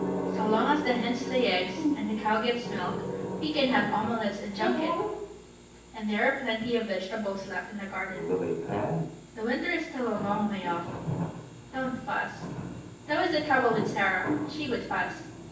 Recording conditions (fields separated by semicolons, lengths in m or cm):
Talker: one person; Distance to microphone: 9.8 m; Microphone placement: far; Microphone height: 1.8 m; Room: large; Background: television